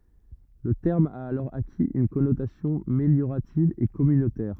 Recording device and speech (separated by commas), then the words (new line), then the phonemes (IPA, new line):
rigid in-ear microphone, read sentence
Le terme a alors acquis une connotation méliorative et communautaire.
lə tɛʁm a alɔʁ akiz yn kɔnotasjɔ̃ meljoʁativ e kɔmynotɛʁ